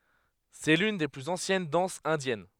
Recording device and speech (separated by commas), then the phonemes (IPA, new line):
headset microphone, read sentence
sɛ lyn de plyz ɑ̃sjɛn dɑ̃sz ɛ̃djɛn